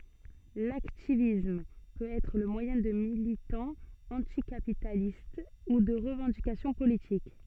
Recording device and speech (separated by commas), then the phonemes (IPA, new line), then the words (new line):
soft in-ear microphone, read sentence
laktivism pøt ɛtʁ lə mwajɛ̃ də militɑ̃z ɑ̃tikapitalist u də ʁəvɑ̃dikasjɔ̃ politik
L'hacktivisme peut être le moyen de militants anticapitalistes ou de revendications politiques.